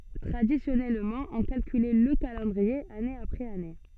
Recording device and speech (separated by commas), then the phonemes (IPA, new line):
soft in-ear microphone, read sentence
tʁadisjɔnɛlmɑ̃ ɔ̃ kalkylɛ lə kalɑ̃dʁie ane apʁɛz ane